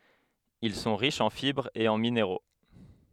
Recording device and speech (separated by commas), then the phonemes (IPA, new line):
headset microphone, read sentence
il sɔ̃ ʁiʃz ɑ̃ fibʁz e ɑ̃ mineʁo